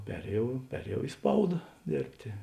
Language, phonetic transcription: Lithuanian, ˈperėjau ˈperėjau i ˈspauda ˈdėrbtė

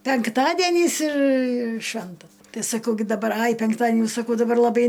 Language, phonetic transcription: Lithuanian, penkˈtadienys ir ˈšventa ˈtai saˈkau gi daˈbar ai penkˈtadieni saˈkau daˈbar laˈbai

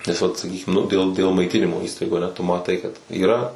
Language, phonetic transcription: Lithuanian, nes ˈvat saˈkykim nu dėl dėl maiˈtinimo ˈįstaigų aˈne tu maˈtai kad yˈra

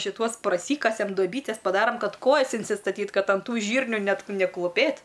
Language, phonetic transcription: Lithuanian, šiˈtuos praˈsykasem doˈbytes paˈdaram ˈkad ˈkojas insistaˈtyt ˈkad an ˈtų ˈžyrnių ˈnet nekluˈpėt

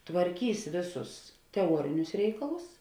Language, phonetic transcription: Lithuanian, tvarˈkys ˈvėˌsus teˈuorinius ˈreikalus

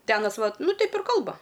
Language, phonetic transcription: Lithuanian, ti ˈanas ˈvat ˈnu ˈteip ir ˈkalba

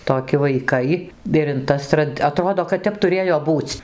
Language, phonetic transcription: Lithuanian, toˈki vaiˈkai ir in ˈtas trad aˈtrodo kad ˈtep tuˈrėjo ˈbūc'

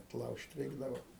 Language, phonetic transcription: Lithuanian, atˈlaužt' ˈreikdavo

